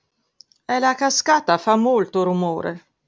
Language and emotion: Italian, neutral